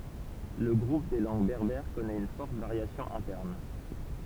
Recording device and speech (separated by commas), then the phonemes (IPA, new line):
temple vibration pickup, read sentence
lə ɡʁup de lɑ̃ɡ bɛʁbɛʁ kɔnɛt yn fɔʁt vaʁjasjɔ̃ ɛ̃tɛʁn